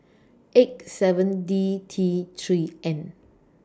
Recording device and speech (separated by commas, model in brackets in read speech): standing microphone (AKG C214), read sentence